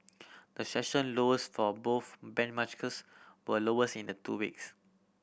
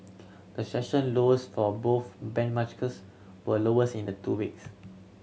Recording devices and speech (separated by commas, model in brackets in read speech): boundary microphone (BM630), mobile phone (Samsung C7100), read sentence